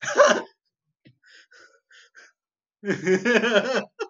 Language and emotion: Thai, happy